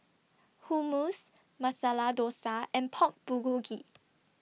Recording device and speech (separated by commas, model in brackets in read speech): mobile phone (iPhone 6), read sentence